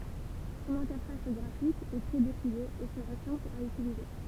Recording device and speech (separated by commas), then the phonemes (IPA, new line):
temple vibration pickup, read sentence
sɔ̃n ɛ̃tɛʁfas ɡʁafik ɛ tʁɛ depuje e sə vø sɛ̃pl a ytilize